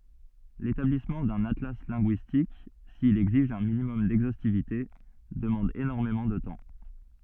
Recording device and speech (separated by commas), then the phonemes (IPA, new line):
soft in-ear microphone, read sentence
letablismɑ̃ dœ̃n atla lɛ̃ɡyistik sil ɛɡziʒ œ̃ minimɔm dɛɡzostivite dəmɑ̃d enɔʁmemɑ̃ də tɑ̃